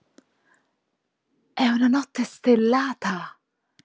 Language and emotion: Italian, surprised